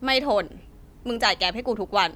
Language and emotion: Thai, frustrated